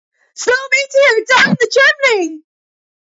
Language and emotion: English, happy